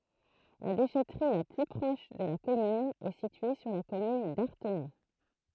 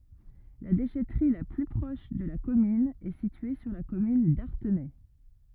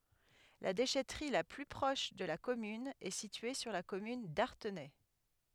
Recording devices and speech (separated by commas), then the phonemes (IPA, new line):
throat microphone, rigid in-ear microphone, headset microphone, read sentence
la deʃɛtʁi la ply pʁɔʃ də la kɔmyn ɛ sitye syʁ la kɔmyn daʁtenɛ